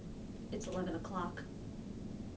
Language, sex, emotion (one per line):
English
female
neutral